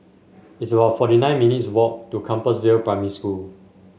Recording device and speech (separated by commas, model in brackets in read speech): mobile phone (Samsung S8), read sentence